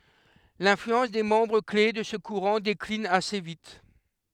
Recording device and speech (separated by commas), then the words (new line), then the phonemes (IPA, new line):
headset microphone, read sentence
L’influence des membres clés de ce courant décline assez vite.
lɛ̃flyɑ̃s de mɑ̃bʁ kle də sə kuʁɑ̃ deklin ase vit